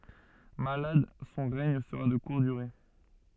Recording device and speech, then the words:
soft in-ear microphone, read sentence
Malade, son règne sera de courte durée.

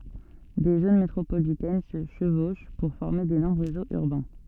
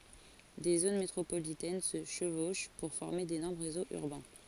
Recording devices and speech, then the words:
soft in-ear microphone, forehead accelerometer, read sentence
Des zones métropolitaines se chevauchent pour former d'énormes réseaux urbains.

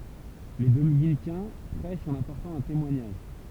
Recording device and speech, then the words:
temple vibration pickup, read sentence
Les dominicains prêchent en apportant un témoignage.

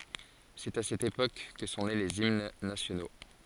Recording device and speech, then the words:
forehead accelerometer, read sentence
C'est à cette époque que sont nés les hymnes nationaux.

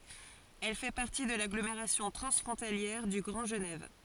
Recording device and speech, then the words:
forehead accelerometer, read sentence
Elle fait partie de l'agglomération transfrontalière du Grand Genève.

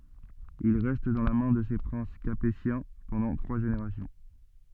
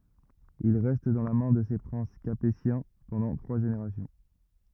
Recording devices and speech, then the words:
soft in-ear microphone, rigid in-ear microphone, read sentence
Il reste dans la main de ces princes capétiens pendant trois générations.

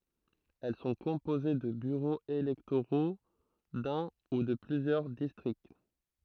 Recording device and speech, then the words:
throat microphone, read sentence
Elles sont composées de bureaux électoraux d'un ou de plusieurs districts.

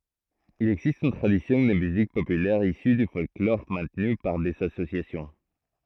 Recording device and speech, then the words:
throat microphone, read sentence
Il existe une tradition de musique populaire issue du folklore maintenue par des associations.

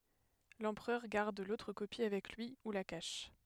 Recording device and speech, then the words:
headset microphone, read sentence
L'empereur garde l'autre copie avec lui ou la cache.

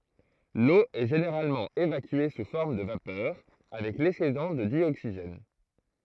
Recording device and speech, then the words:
throat microphone, read sentence
L'eau est généralement évacuée sous forme de vapeur avec l'excédent de dioxygène.

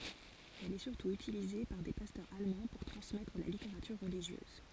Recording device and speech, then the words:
forehead accelerometer, read sentence
Elle est surtout utilisée par des pasteurs allemands pour transmettre la littérature religieuse.

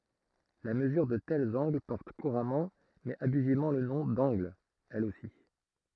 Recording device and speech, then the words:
throat microphone, read sentence
La mesure de tels angles porte couramment mais abusivement le nom d'angle, elle aussi.

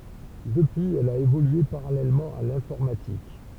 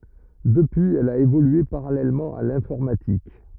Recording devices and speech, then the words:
temple vibration pickup, rigid in-ear microphone, read sentence
Depuis, elle a évolué parallèlement à l’informatique.

